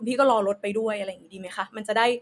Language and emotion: Thai, neutral